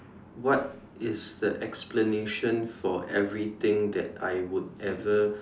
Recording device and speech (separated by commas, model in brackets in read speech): standing microphone, conversation in separate rooms